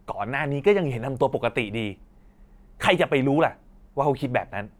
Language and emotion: Thai, angry